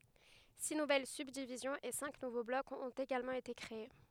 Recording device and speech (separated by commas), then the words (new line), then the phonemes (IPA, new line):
headset microphone, read sentence
Six nouvelles subdivisions et cinq nouveaux blocs ont également été créés.
si nuvɛl sybdivizjɔ̃z e sɛ̃k nuvo blɔkz ɔ̃t eɡalmɑ̃ ete kʁee